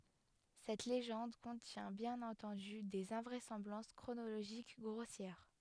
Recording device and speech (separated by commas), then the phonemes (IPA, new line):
headset microphone, read sentence
sɛt leʒɑ̃d kɔ̃tjɛ̃ bjɛ̃n ɑ̃tɑ̃dy dez ɛ̃vʁɛsɑ̃blɑ̃s kʁonoloʒik ɡʁosjɛʁ